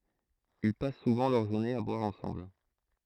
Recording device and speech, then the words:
throat microphone, read sentence
Ils passent souvent leurs journées à boire ensemble.

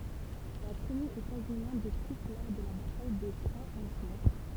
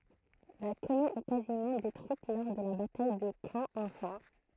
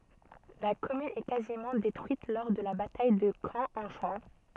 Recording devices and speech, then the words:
temple vibration pickup, throat microphone, soft in-ear microphone, read sentence
La commune est quasiment détruite lors de la bataille de Caen en juin-.

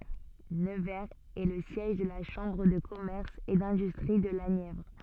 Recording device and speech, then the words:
soft in-ear microphone, read sentence
Nevers est le siège de la Chambre de commerce et d'industrie de la Nièvre.

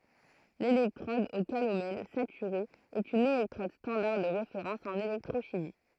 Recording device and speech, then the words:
throat microphone, read sentence
L'électrode au calomel saturée est une électrode standard de référence en électrochimie.

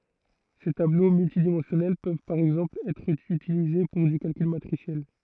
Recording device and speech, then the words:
throat microphone, read sentence
Ces tableaux multidimensionnels peuvent par exemple être utilisés pour du calcul matriciel.

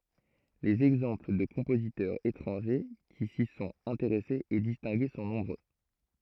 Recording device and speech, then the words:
throat microphone, read sentence
Les exemples de compositeurs étrangers qui s'y sont intéressés et distingués sont nombreux.

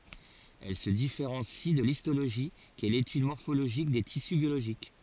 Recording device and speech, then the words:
forehead accelerometer, read sentence
Elle se différencie de l'histologie, qui est l'étude morphologique des tissus biologiques.

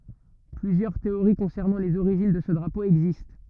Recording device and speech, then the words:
rigid in-ear microphone, read sentence
Plusieurs théories concernant les origines de ce drapeau existent.

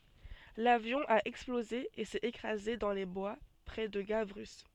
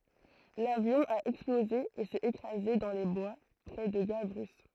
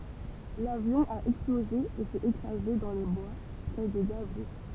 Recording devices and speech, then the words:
soft in-ear microphone, throat microphone, temple vibration pickup, read sentence
L'avion a explosé et s'est écrasé dans les bois près de Gavrus.

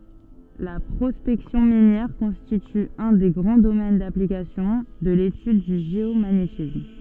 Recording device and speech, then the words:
soft in-ear microphone, read sentence
La prospection minière constitue un des grands domaines d'application de l'étude du géomagnétisme.

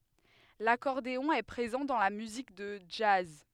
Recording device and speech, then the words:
headset microphone, read sentence
L'accordéon est présent dans la musique de jazz.

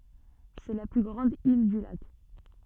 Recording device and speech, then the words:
soft in-ear microphone, read sentence
C'est la plus grande île du lac.

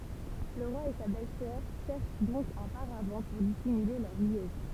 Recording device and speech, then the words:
temple vibration pickup, read sentence
Le roi et sa belle-sœur cherchent donc un paravent pour dissimuler leur liaison.

